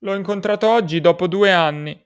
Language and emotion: Italian, sad